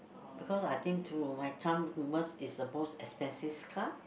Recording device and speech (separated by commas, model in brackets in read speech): boundary microphone, conversation in the same room